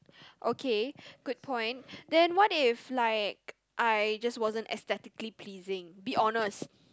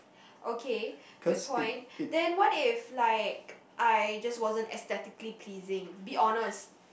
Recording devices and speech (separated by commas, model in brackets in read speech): close-talking microphone, boundary microphone, conversation in the same room